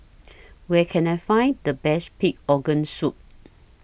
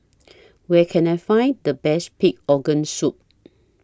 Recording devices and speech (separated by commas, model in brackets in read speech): boundary microphone (BM630), standing microphone (AKG C214), read sentence